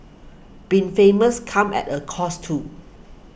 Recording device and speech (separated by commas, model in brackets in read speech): boundary microphone (BM630), read sentence